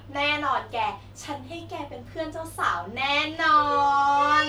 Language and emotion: Thai, happy